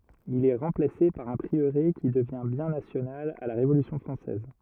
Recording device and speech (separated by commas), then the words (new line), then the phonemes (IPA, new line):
rigid in-ear microphone, read sentence
Il est remplacé par un prieuré qui devient bien national à la Révolution française.
il ɛ ʁɑ̃plase paʁ œ̃ pʁiøʁe ki dəvjɛ̃ bjɛ̃ nasjonal a la ʁevolysjɔ̃ fʁɑ̃sɛz